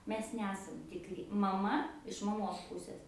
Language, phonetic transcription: Lithuanian, ˈmes ˈnesam tikˈri maˈma iš maˈmos ˈpusės

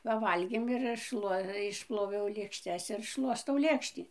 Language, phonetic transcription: Lithuanian, paˈvalgėm ir aš ˈšluo išˈploviau lėkšˈtes ir ˈšluostau ˈlėkštį

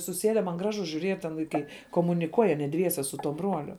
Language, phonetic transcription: Lithuanian, suˈsėde man ˈgražu žiūˈriet ten vaiˈkai komuniˈkuoj aˈnie ˈdviese su tuo ˈbruoliu

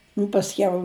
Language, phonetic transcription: Lithuanian, nu pasˈkiau

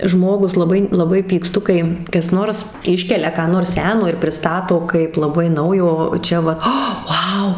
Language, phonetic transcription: Lithuanian, ˈžmogus laˈbai laˈbai pykˈstu ˈkai kas ˈnors ˈiškelia ką ˈnors ˈseno ir priˈstato kaip laˈbai ˈnaujo ˈčia vat ˈa ˈvau

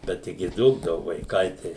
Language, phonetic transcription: Lithuanian, ˈbet ˈtigi ˈdūkdavu vaiˈkai tai

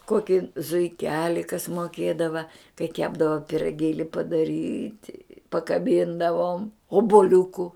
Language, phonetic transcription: Lithuanian, ˈkoki zuiˈkeli kas moˈkėdava kai ˈkepdava piraˈgėli padaˈryti pakaˈbyndavom obuˈliuku

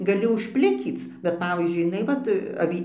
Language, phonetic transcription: Lithuanian, gaˈli užˈplikyc bet ˈpavyzdžiui jiˈnai ˈvat aˈvy

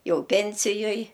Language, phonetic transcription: Lithuanian, ˈjau ˈpensijoj

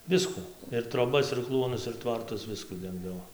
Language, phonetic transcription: Lithuanian, ˈviskų ir troˈbas ir ˈkluonus ir ˈtvartus ˈviskų ˈdengdavo

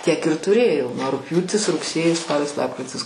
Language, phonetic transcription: Lithuanian, tiek ir tuˈrėjau nuo rugpjūtis rugˈsėjis ˈspalis ˈlapkritis

